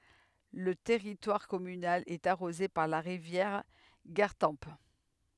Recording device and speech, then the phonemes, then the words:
headset microphone, read sentence
lə tɛʁitwaʁ kɔmynal ɛt aʁoze paʁ la ʁivjɛʁ ɡaʁtɑ̃p
Le territoire communal est arrosé par la rivière Gartempe.

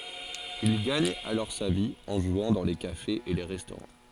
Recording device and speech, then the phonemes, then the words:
forehead accelerometer, read sentence
il ɡaɲ alɔʁ sa vi ɑ̃ ʒwɑ̃ dɑ̃ le kafez e le ʁɛstoʁɑ̃
Il gagne alors sa vie en jouant dans les cafés et les restaurants.

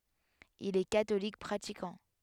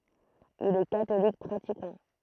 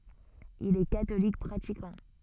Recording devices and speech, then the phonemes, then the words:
headset microphone, throat microphone, soft in-ear microphone, read sentence
il ɛ katolik pʁatikɑ̃
Il est catholique pratiquant.

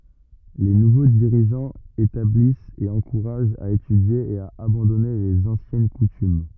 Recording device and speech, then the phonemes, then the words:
rigid in-ear microphone, read sentence
le nuvo diʁiʒɑ̃z etablist e ɑ̃kuʁaʒt a etydje e a abɑ̃dɔne lez ɑ̃sjɛn kutym
Les nouveaux dirigeants établissent et encouragent à étudier et à abandonner les anciennes coutumes.

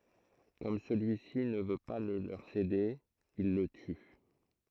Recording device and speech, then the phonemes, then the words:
throat microphone, read sentence
kɔm səlyisi nə vø pa lə løʁ sede il lə ty
Comme celui-ci ne veut pas le leur céder, ils le tuent.

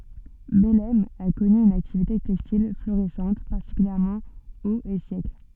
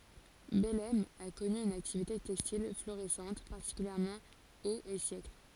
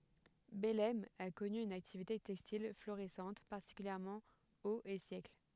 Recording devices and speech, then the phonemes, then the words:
soft in-ear microphone, forehead accelerometer, headset microphone, read sentence
bɛlɛm a kɔny yn aktivite tɛkstil floʁisɑ̃t paʁtikyljɛʁmɑ̃ oz e sjɛkl
Bellême a connu une activité textile florissante, particulièrement aux et siècles.

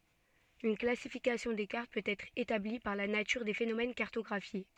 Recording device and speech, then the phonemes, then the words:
soft in-ear microphone, read sentence
yn klasifikasjɔ̃ de kaʁt pøt ɛtʁ etabli paʁ la natyʁ de fenomɛn kaʁtɔɡʁafje
Une classification des cartes peut être établie par la nature des phénomènes cartographiés.

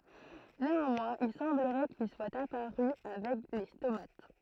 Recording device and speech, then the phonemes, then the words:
throat microphone, read sentence
neɑ̃mwɛ̃z il sɑ̃bləʁɛ kil swat apaʁy avɛk le stomat
Néanmoins, il semblerait qu'ils soient apparus avec les stomates.

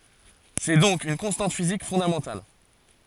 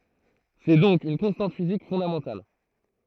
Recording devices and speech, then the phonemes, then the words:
forehead accelerometer, throat microphone, read sentence
sɛ dɔ̃k yn kɔ̃stɑ̃t fizik fɔ̃damɑ̃tal
C'est donc une constante physique fondamentale.

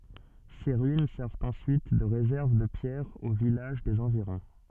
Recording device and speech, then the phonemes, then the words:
soft in-ear microphone, read sentence
se ʁyin sɛʁvt ɑ̃syit də ʁezɛʁv də pjɛʁz o vilaʒ dez ɑ̃viʁɔ̃
Ses ruines servent ensuite de réserve de pierres aux villages des environs.

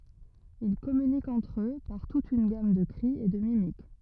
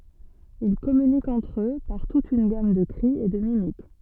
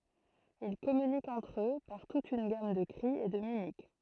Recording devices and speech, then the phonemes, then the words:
rigid in-ear microphone, soft in-ear microphone, throat microphone, read sentence
il kɔmynikt ɑ̃tʁ ø paʁ tut yn ɡam də kʁi e də mimik
Ils communiquent entre eux par toute une gamme de cris et de mimiques.

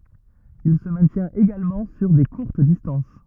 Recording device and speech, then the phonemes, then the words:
rigid in-ear microphone, read sentence
il sə mɛ̃tjɛ̃t eɡalmɑ̃ syʁ de kuʁt distɑ̃s
Il se maintient également sur des courtes distances.

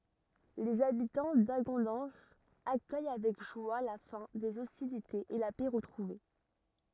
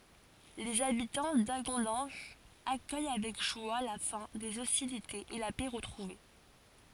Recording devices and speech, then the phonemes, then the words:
rigid in-ear microphone, forehead accelerometer, read sentence
lez abitɑ̃ daɡɔ̃dɑ̃ʒ akœj avɛk ʒwa la fɛ̃ dez ɔstilitez e la pɛ ʁətʁuve
Les habitants d’Hagondange accueillent avec joie la fin des hostilités et la paix retrouvée.

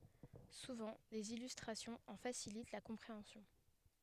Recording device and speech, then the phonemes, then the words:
headset microphone, read sentence
suvɑ̃ dez ilystʁasjɔ̃z ɑ̃ fasilit la kɔ̃pʁeɑ̃sjɔ̃
Souvent, des illustrations en facilitent la compréhension.

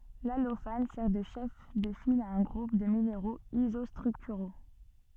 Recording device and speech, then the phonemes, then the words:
soft in-ear microphone, read sentence
lalofan sɛʁ də ʃɛf də fil a œ̃ ɡʁup də mineʁoz izɔstʁyktyʁo
L’allophane sert de chef de file à un groupe de minéraux isostructuraux.

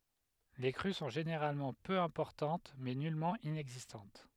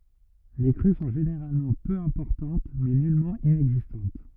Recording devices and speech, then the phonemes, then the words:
headset microphone, rigid in-ear microphone, read sentence
le kʁy sɔ̃ ʒeneʁalmɑ̃ pø ɛ̃pɔʁtɑ̃t mɛ nylmɑ̃ inɛɡzistɑ̃t
Les crues sont généralement peu importantes mais nullement inexistantes.

